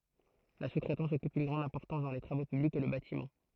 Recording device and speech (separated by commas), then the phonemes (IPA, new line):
throat microphone, read sentence
la su tʁɛtɑ̃s ɔkyp yn ɡʁɑ̃d ɛ̃pɔʁtɑ̃s dɑ̃ le tʁavo pyblikz e lə batimɑ̃